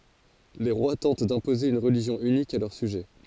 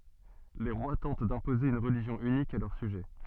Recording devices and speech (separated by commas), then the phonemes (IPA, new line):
forehead accelerometer, soft in-ear microphone, read sentence
le ʁwa tɑ̃t dɛ̃poze yn ʁəliʒjɔ̃ ynik a lœʁ syʒɛ